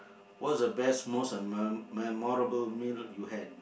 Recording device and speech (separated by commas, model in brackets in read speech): boundary microphone, conversation in the same room